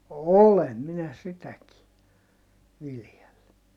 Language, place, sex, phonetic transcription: Finnish, Heinola, male, olem minä sitäki , viljelly .
- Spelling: olen minä sitäkin viljellyt

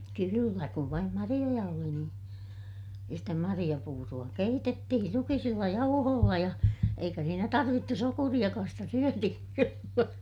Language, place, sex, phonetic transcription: Finnish, Ilmajoki, female, kyyllä kuv vaim mariʲoja oli niin , ja stä mariʲapuuru₍a keitettihir ruki(hi)silla jauhoolla ja , eikä siinä tarvittu sokuriʲakaas - stä syötihiŋ (kyllä) .
- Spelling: kyllä kun vain marjoja oli niin ja sitä marjapuuroa keitettiin rukiisilla jauhoilla ja eikä siinä tarvittu sokeriakaan sitä syötiin kyllä

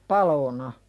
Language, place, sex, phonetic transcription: Finnish, Pälkäne, female, palona .
- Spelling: paloina

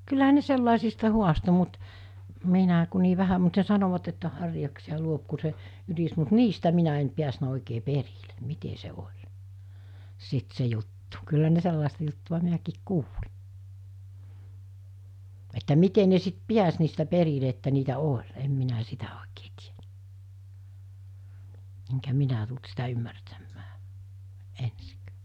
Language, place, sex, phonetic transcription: Finnish, Mikkeli, female, kylläɦä ne 'sellàesista 'huasto mut , 'minä̀ ku nii 'vähä mut ne 'sanovat että 'harjaksi₍a 'luop ku se , 'ynis mut "niistä 'minä en 'piäsnä òikee 'perilᴇ , 'mite se 'oĺ , sit 'se juttᴜ , kyllä ne 'sellàesta juttuᵛa 'minäkiik "kuuli , että 'mite ne sit "piäs niistä 'perile että niitä 'oĺ , 'em minä 'sitä òekee tien[nyt] , eŋkä 'minä tult sitä 'ymmärtämmää , 'ensikᴀ̈ᴀ̈ .
- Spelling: kyllähän ne sellaisista haastoi mutta minä kun niin vähän mutta ne sanoivat että harjaksia luo kun se ynisi mutta niistä minä en päässyt oikein perille miten se oli sitten se juttu kyllä ne sellaista juttua minäkin kuulin että miten ne sitten pääsi niistä perille että niitä oli en minä sitä oikein tiennyt enkä minä tullut sitä ymmärtämään ensinkään

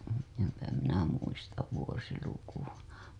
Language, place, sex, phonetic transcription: Finnish, Hailuoto, female, empä minä muistav vuosilukuWa .
- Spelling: enpä minä muista vuosilukua

